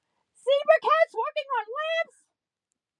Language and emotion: English, disgusted